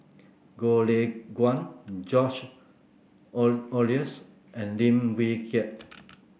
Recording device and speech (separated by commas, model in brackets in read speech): boundary microphone (BM630), read sentence